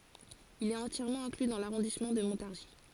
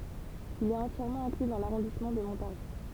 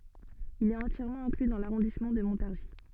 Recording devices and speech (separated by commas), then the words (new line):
forehead accelerometer, temple vibration pickup, soft in-ear microphone, read sentence
Il est entièrement inclus dans l'arrondissement de Montargis.